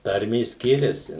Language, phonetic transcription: Lithuanian, ˈtarmės ˈskiriasi

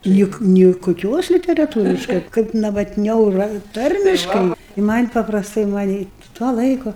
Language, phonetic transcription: Lithuanian, ˈnik ni kuˈkios literaˈtūriškai kaip navatˈniau ˈra ˈtarmiškai i man' paprasˈtai maˈnį tuo ˈlaiku

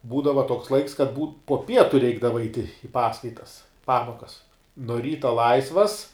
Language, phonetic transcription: Lithuanian, ˈbūdava toks ˈlaiks kad mūm po ˈpietu ˈreikdava ait' i ˈpaskaitas ˈpamokas no ˈryta ˈlaisvas

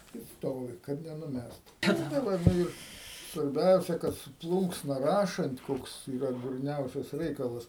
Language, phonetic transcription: Lithuanian, i ˈstovi kad nenuˈmest tai ˈva ˈnu ir svarˈbiausia kad su ˈplūnksna ˈrašant ˈkoks yˈra durˈniausias ˈreikalas

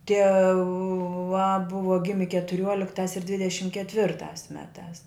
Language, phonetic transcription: Lithuanian, tieˈva ˈbuva ˈgimi ketuˈriuoliktās ir ˈdvidešim ketˈvirtās ˈmetās

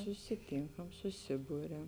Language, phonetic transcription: Lithuanian, susiˈtinkam suˈsiburiam

